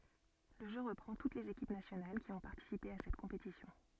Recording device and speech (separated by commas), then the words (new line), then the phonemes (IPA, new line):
soft in-ear microphone, read sentence
Le jeu reprend toutes les équipes nationales qui ont participé à cette compétition.
lə ʒø ʁəpʁɑ̃ tut lez ekip nasjonal ki ɔ̃ paʁtisipe a sɛt kɔ̃petisjɔ̃